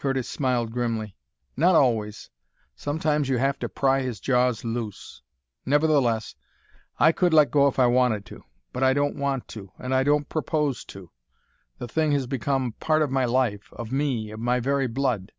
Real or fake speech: real